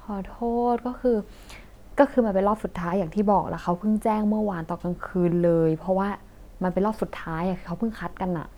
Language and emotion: Thai, frustrated